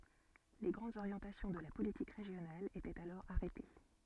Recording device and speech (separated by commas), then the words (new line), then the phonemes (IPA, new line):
soft in-ear microphone, read sentence
Les grandes orientations de la politique régionale étaient alors arrêtées.
le ɡʁɑ̃dz oʁjɑ̃tasjɔ̃ də la politik ʁeʒjonal etɛt alɔʁ aʁɛte